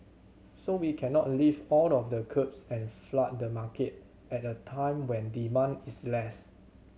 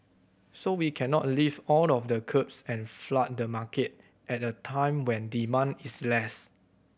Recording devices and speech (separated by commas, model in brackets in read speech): mobile phone (Samsung C7100), boundary microphone (BM630), read sentence